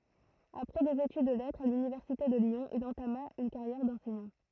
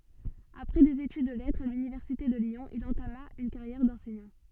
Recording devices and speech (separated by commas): throat microphone, soft in-ear microphone, read sentence